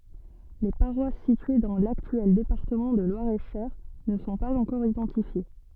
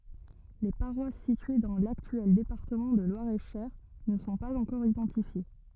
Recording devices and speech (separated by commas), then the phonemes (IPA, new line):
soft in-ear microphone, rigid in-ear microphone, read sentence
le paʁwas sitye dɑ̃ laktyɛl depaʁtəmɑ̃ də lwaʁɛtʃœʁ nə sɔ̃ paz ɑ̃kɔʁ idɑ̃tifje